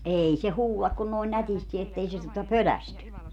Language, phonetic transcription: Finnish, 'eei se 'huu(l)ak kun noin 'nätisti ettei se tuota "pölästy .
- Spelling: ei se huuda kuin noin nätisti että ei se tuota pelästy

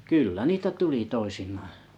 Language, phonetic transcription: Finnish, 'kyllä 'niitä 'tuli 'toisiǹᴀᴀ .
- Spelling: kyllä niitä tuli toisinaan

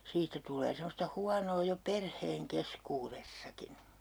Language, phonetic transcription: Finnish, 'siittä tul̀ee semmosta 'huanoo jo "perheeŋ "keskuu'ressakin̬ .
- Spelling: siitä tulee semmoista huonoa jo perheen keskuudessakin

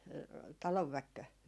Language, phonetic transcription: Finnish, 'talovväkkö ?
- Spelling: talonväkikö?

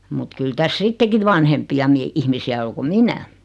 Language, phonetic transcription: Finnish, mut 'kyl täs "sitteki vanhempi₍a mie- , 'ihmisi₍ä o ko "minä .
- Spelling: mutta kyllä tässä sittenkin vanhempia - ihmisiä on kuin minä

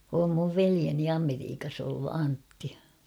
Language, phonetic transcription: Finnish, om muv 'velieni "Ameriikas ‿ollu 'Antti .
- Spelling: on minun veljeni Amerikassa ollut Antti

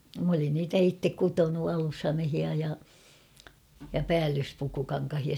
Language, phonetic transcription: Finnish, m ‿olin 'niitä 'ittek "kutonu 'alushamehia ja , ja "päällyspukukaŋkahia .
- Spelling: minä olin niitä itse kutonut alushameita ja ja päällyspukukankaita

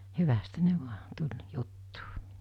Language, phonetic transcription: Finnish, 'hyvästhä ne 'vua , 'tuĺ , 'juttᴜᴜ .
- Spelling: hyvästihän ne vain tuli juttuun

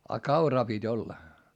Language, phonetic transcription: Finnish, a kauraa pit́ ‿olla .
- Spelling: ja kauraa piti olla

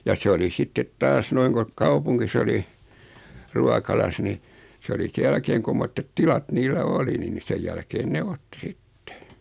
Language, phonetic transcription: Finnish, ja 'se oli 'sittet "taas 'noiŋ ko , 'kaupuŋkis oli , 'ruakaias ni , 's ‿oli 'se jälkeeŋ 'kummottet "tilat niillä 'oli niin ni 'sej jälkeen ne "otti "sittᴇ .
- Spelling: ja se oli sitten taas noin kun kaupungissa oli ruokalassa niin se oli sen jälkeen kummoiset tilat niillä oli niin niin sen jälkeen ne otti sitten

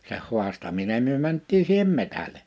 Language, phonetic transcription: Finnish, seh 'huastaminem̆ myö 'mänt̆tii siihem 'metäle .
- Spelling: sen haastaminen me mentiin siihen metsälle

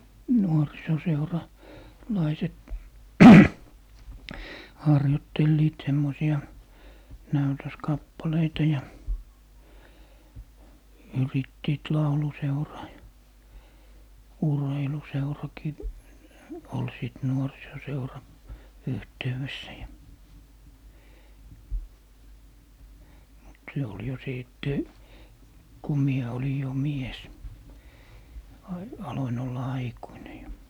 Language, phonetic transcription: Finnish, 'nuorisoseura- , -'laiset , 'harjottelliit 'semmosi₍a , "näytöskappaleita ja , 'yrittiit "lauluseuraa ja , "urheiluseuraki , ol 'sìt 'nuorisoseura , 'yhteyʷessä ja , mut 'se ol jo 'sìtte , ku 'mie oli jo "mies ; a- , 'aloin ‿olla "aikuine jo .
- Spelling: - nuorisoseuralaiset harjoittelivat semmoisia näytöskappaleita ja yrittivät lauluseuraa ja urheiluseurakin oli sitten nuorisoseuran yhteydessä ja mutta se oli jo sitten kun minä olin jo mies - aloin olla aikuinen jo

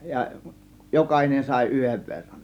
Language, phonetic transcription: Finnish, ja "jokahinen sàė "yhev verran .
- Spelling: ja jokainen sai yhden verran

